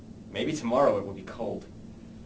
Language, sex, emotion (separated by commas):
English, male, neutral